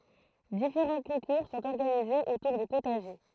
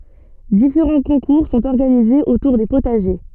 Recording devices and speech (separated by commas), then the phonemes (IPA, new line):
throat microphone, soft in-ear microphone, read sentence
difeʁɑ̃ kɔ̃kuʁ sɔ̃t ɔʁɡanizez otuʁ de potaʒe